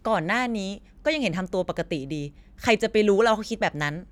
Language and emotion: Thai, frustrated